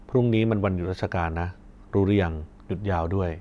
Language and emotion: Thai, frustrated